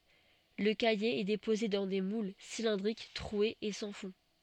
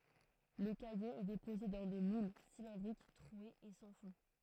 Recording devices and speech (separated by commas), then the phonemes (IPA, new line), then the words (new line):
soft in-ear microphone, throat microphone, read sentence
lə kaje ɛ depoze dɑ̃ de mul silɛ̃dʁik tʁwez e sɑ̃ fɔ̃
Le caillé est déposé dans des moules cylindriques troués et sans fond.